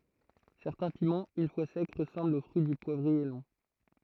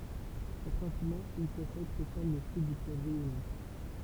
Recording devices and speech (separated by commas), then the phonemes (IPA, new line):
throat microphone, temple vibration pickup, read sentence
sɛʁtɛ̃ pimɑ̃z yn fwa sɛk ʁəsɑ̃blt o fʁyi dy pwavʁie lɔ̃